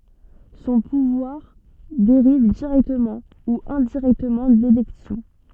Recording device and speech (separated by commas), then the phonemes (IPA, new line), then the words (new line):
soft in-ear microphone, read sentence
sɔ̃ puvwaʁ deʁiv diʁɛktəmɑ̃ u ɛ̃diʁɛktəmɑ̃ delɛksjɔ̃
Son pouvoir dérive directement ou indirectement d'élections.